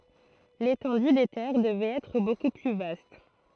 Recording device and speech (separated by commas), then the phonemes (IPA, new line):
throat microphone, read sentence
letɑ̃dy de tɛʁ dəvɛt ɛtʁ boku ply vast